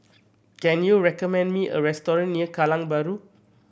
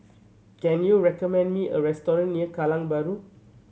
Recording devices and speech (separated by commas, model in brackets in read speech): boundary microphone (BM630), mobile phone (Samsung C7100), read sentence